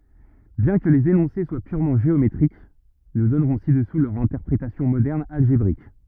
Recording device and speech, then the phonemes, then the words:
rigid in-ear microphone, read sentence
bjɛ̃ kə lez enɔ̃se swa pyʁmɑ̃ ʒeometʁik nu dɔnʁɔ̃ sidɛsu lœʁ ɛ̃tɛʁpʁetasjɔ̃ modɛʁn alʒebʁik
Bien que les énoncés soient purement géométriques, nous donnerons ci-dessous leur interprétation moderne algébrique.

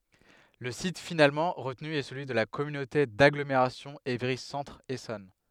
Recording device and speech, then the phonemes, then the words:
headset microphone, read sentence
lə sit finalmɑ̃ ʁətny ɛ səlyi də la kɔmynote daɡlomeʁasjɔ̃ evʁi sɑ̃tʁ esɔn
Le site finalement retenu est celui de la communauté d'agglomération Évry Centre Essonne.

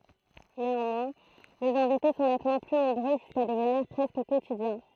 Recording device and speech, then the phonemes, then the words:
throat microphone, read sentence
neɑ̃mwɛ̃ lez ɛ̃vite sɔ̃ nɛtmɑ̃ ply nɔ̃bʁø ʒyska dəvniʁ pʁɛskə kotidjɛ̃
Néanmoins, les invités sont nettement plus nombreux, jusqu'à devenir presque quotidiens.

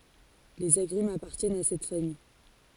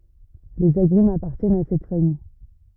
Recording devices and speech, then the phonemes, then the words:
forehead accelerometer, rigid in-ear microphone, read sentence
lez aɡʁymz apaʁtjɛnt a sɛt famij
Les agrumes appartiennent à cette famille.

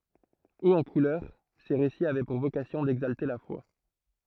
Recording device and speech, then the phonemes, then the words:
throat microphone, read sentence
oz ɑ̃ kulœʁ se ʁesiz avɛ puʁ vokasjɔ̃ dɛɡzalte la fwa
Hauts en couleurs, ces récits avaient pour vocation d'exalter la foi.

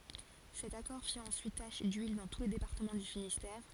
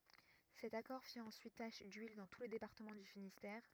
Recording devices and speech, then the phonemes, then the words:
forehead accelerometer, rigid in-ear microphone, read sentence
sɛt akɔʁ fi ɑ̃syit taʃ dyil dɑ̃ tu lə depaʁtəmɑ̃ dy finistɛʁ
Cet accord fit ensuite tache d'huile dans tout le département du Finistère.

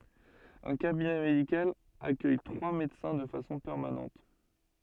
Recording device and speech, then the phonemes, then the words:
soft in-ear microphone, read sentence
œ̃ kabinɛ medikal akœj tʁwa medəsɛ̃ də fasɔ̃ pɛʁmanɑ̃t
Un cabinet médical accueille trois médecins de façon permanente.

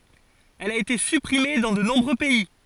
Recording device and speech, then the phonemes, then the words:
forehead accelerometer, read sentence
ɛl a ete sypʁime dɑ̃ də nɔ̃bʁø pɛi
Elle a été supprimée dans de nombreux pays.

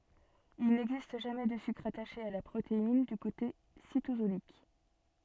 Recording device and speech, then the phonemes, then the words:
soft in-ear microphone, read sentence
il nɛɡzist ʒamɛ də sykʁ ataʃe a la pʁotein dy kote sitozolik
Il n’existe jamais de sucre attaché à la protéine du côté cytosolique.

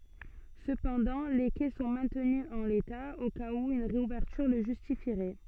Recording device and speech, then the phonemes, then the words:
soft in-ear microphone, read sentence
səpɑ̃dɑ̃ le kɛ sɔ̃ mɛ̃tny ɑ̃ leta o kaz u yn ʁeuvɛʁtyʁ lə ʒystifiʁɛ
Cependant, les quais sont maintenus en l'état, au cas où une réouverture le justifierait.

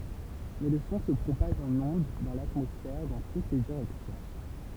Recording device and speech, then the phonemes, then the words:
temple vibration pickup, read sentence
mɛ lə sɔ̃ sə pʁopaʒ ɑ̃n ɔ̃d dɑ̃ latmɔsfɛʁ dɑ̃ tut le diʁɛksjɔ̃
Mais le son se propage en ondes dans l'atmosphère dans toutes les directions.

